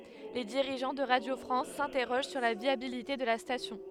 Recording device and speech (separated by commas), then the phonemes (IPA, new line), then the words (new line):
headset microphone, read sentence
le diʁiʒɑ̃ də ʁadjo fʁɑ̃s sɛ̃tɛʁoʒ syʁ la vjabilite də la stasjɔ̃
Les dirigeants de Radio France s'interrogent sur la viabilité de la station.